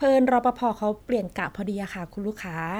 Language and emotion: Thai, neutral